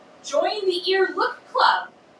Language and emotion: English, surprised